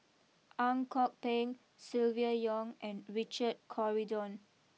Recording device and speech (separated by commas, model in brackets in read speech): mobile phone (iPhone 6), read sentence